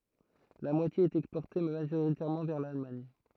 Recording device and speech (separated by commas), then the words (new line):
throat microphone, read sentence
La moitié est exportée, majoritairement vers l'Allemagne.